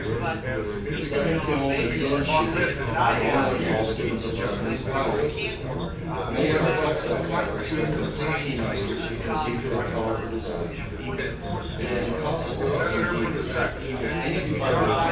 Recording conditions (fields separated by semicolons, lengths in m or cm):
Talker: one person; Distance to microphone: 9.8 m; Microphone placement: far; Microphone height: 1.8 m; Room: large; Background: babble